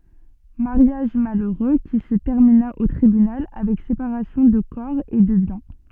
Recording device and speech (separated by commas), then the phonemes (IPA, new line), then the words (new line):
soft in-ear microphone, read sentence
maʁjaʒ maløʁø ki sə tɛʁmina o tʁibynal avɛk sepaʁasjɔ̃ də kɔʁ e də bjɛ̃
Mariage malheureux qui se termina au tribunal avec séparation de corps et de biens.